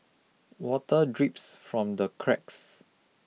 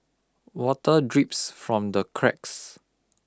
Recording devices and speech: mobile phone (iPhone 6), close-talking microphone (WH20), read sentence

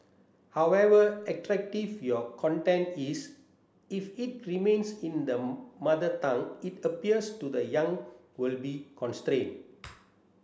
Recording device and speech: standing microphone (AKG C214), read sentence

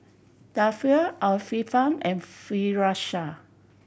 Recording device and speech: boundary microphone (BM630), read sentence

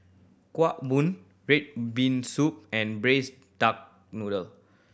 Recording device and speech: boundary microphone (BM630), read sentence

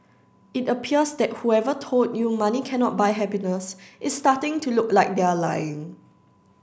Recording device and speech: standing microphone (AKG C214), read sentence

